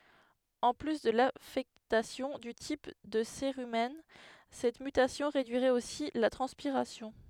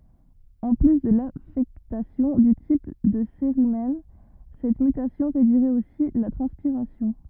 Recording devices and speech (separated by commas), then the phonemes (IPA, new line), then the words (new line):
headset microphone, rigid in-ear microphone, read sentence
ɑ̃ ply də lafɛktasjɔ̃ dy tip də seʁymɛn sɛt mytasjɔ̃ ʁedyiʁɛt osi la tʁɑ̃spiʁasjɔ̃
En plus de l'affectation du type de cérumen, cette mutation réduirait aussi la transpiration.